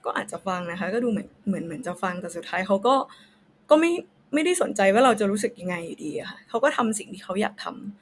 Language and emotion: Thai, sad